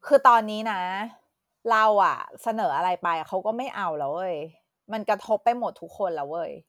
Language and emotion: Thai, frustrated